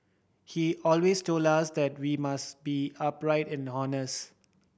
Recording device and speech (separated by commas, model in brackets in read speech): boundary microphone (BM630), read sentence